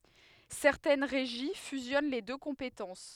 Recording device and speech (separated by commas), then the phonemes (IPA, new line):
headset microphone, read sentence
sɛʁtɛn ʁeʒi fyzjɔn le dø kɔ̃petɑ̃s